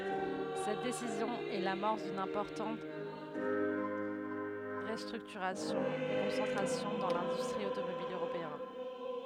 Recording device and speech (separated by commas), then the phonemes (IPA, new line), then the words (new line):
headset microphone, read sentence
sɛt desizjɔ̃ ɛ lamɔʁs dyn ɛ̃pɔʁtɑ̃t ʁəstʁyktyʁasjɔ̃ e kɔ̃sɑ̃tʁasjɔ̃ dɑ̃ lɛ̃dystʁi otomobil øʁopeɛn
Cette décision est l’amorce d’une importante restructuration et concentration dans l’industrie automobile européenne.